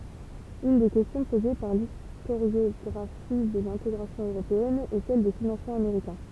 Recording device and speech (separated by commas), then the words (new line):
temple vibration pickup, read sentence
Une des questions posée par l'historiographie de l'intégration européenne est celle des financements américains.